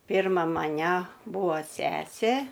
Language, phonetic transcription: Lithuanian, ˈpyrma maˈnæ ˈbūa ˈsesė

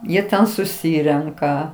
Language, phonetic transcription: Lithuanian, ˈjie ˈten suˈsyrenka

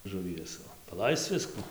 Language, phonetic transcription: Lithuanian, žuˈvies paˈlaisc ˈvisku

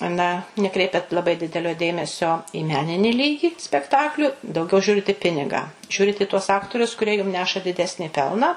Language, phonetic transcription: Lithuanian, ˈna neˈkreipiat laˈbai ˈdidelio ˈdėmesio į ˈmenini ˈlygi spekˈtaklių dauˈgiau ˈžiūrit i ˈpinigą ˈžiūrit i tuos ˈaktorius kurie jum ˈneša diˈdesnį ˈpelną

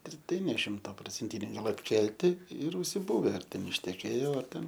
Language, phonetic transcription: Lithuanian, ir ˈtai ne ˈšimta procenˈtiniai ˈgal atˈkelti ir užsiˈbuve ar ˈten išteˈkėjo ar ˈten

